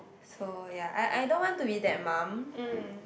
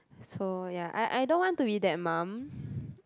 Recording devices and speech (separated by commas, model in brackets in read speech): boundary microphone, close-talking microphone, conversation in the same room